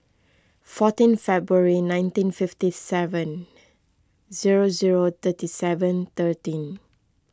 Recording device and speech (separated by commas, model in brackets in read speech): close-talking microphone (WH20), read sentence